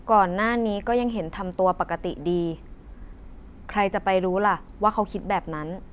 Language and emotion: Thai, frustrated